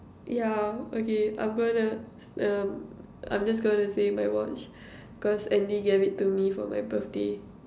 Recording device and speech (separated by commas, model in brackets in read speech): standing microphone, conversation in separate rooms